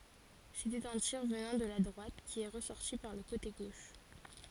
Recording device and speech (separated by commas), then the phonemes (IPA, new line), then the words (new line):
forehead accelerometer, read sentence
setɛt œ̃ tiʁ vənɑ̃ də la dʁwat ki ɛ ʁəsɔʁti paʁ lə kote ɡoʃ
C'était un tir venant de la droite qui est ressorti par le côté gauche.